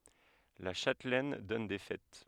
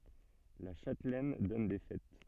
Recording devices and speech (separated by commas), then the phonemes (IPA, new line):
headset microphone, soft in-ear microphone, read sentence
la ʃatlɛn dɔn de fɛt